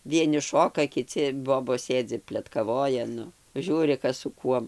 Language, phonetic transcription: Lithuanian, ˈvieni ˈšoka kiˈci ˈbobos ˈsėdzi pletkaˈvoja ˈnu ˈžiūri ˈkas su ˈkuom

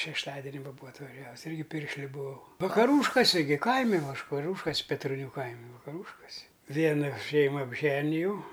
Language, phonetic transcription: Lithuanian, šešˈtadeni ˈva ˈbūa atvaˈžiavus ˈirgi ˈpiršliu buˈau vakaˈrūškosi gi ˈkaimi ˈvaškaˈriūškas petroˈnių ˈkaimi vakaˈrūškosi ˈviena ˈšeima apˈženijau

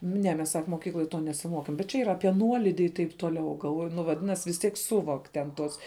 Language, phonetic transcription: Lithuanian, ˈne mes sak moˈkykloj ˈto nesiˈmokėm bet čia ˈyra ˈapie ˈnuolidi i taip ˈtoˌliau galˈvoju nu vaˈdinas' vis ˈtiek ˈsuvok' ten ˈtuos

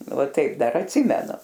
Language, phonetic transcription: Lithuanian, va ˈtaip ˈdar atˈsimenu

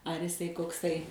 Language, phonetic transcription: Lithuanian, ar iˈsai kokˈsai

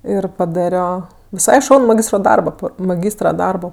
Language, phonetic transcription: Lithuanian, ir paˈdario viˈsai ˈšaunu maˈgystro ˈdarbo ˈpa maˈgystra ˈdarbo

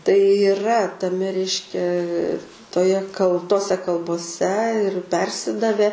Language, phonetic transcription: Lithuanian, tai yˈra taˈme ˈreiškia toˈje kal ˈtose kalboˈse ir ˈpersidave

